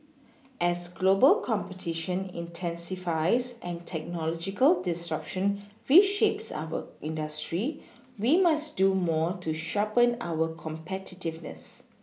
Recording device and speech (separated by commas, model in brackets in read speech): mobile phone (iPhone 6), read sentence